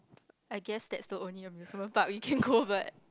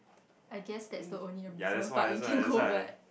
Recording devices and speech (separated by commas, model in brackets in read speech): close-talking microphone, boundary microphone, conversation in the same room